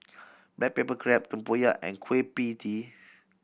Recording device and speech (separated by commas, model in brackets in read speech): boundary microphone (BM630), read sentence